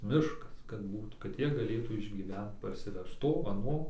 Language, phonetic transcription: Lithuanian, ˈmiškas kad ˈbūt kad ˈjie gaˈlėtų išgyˈvent parsiˈvežt ˈto aˈno

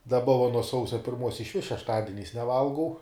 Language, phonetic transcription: Lithuanian, daˈba va nuo ˈsausia pirˈmuos išˈvis šešˈtadiniais neˈvalgau

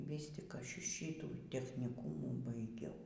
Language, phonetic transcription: Lithuanian, ˈvys tik ˈaš ˈšytų techniˈkūmų baiˈgiau

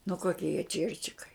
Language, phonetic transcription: Lithuanian, nu ˈkokie jie ˈčierčikai

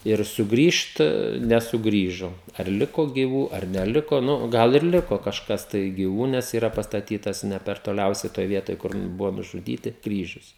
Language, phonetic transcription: Lithuanian, ir suˈgrįžt nesuˈgrįžo ar ˈliko gyˈvų ar neˈliko ˈnu ˈgal ir ˈliko kažˈkas tai giˈvų nes yˈra pastaˈtytas ˈne per toˈliausiai ˈtoj ˈvietoj kur ˈbuvo nužuˈdyti ˈkryžius

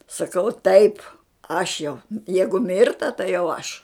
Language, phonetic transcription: Lithuanian, saˈkau taip ˈaš jau ˈjeigu ˈmirta tai jau ˈaš

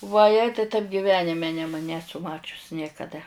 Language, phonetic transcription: Lithuanian, vaˈjei taip giˈvenime nem ˈnesu ˈmačius niekaˈda

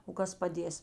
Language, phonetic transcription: Lithuanian, o ˈkas paˈdės

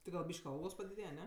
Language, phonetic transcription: Lithuanian, ti gal ˈbyš'k' ˈalgos padiˈdėje ˈne

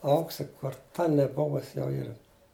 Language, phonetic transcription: Lithuanian, ˈauksi kur ˈta neˈbuvusi jau ˈyra

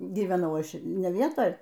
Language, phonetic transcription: Lithuanian, gyveˈnau ˈaš ne ˈvietoj

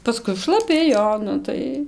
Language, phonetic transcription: Lithuanian, paˈskui šlaˈpi ˈjo ˈnu tai

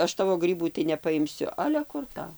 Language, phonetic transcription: Lithuanian, ˈaš ˈtavo ˈgrybų tai nepaimˈsiu ˈale ˈkur tau

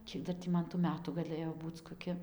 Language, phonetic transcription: Lithuanian, ˈkiek dar tį ˈman tų ˈmetų gaˈlɘjo ˈbūc koˈki

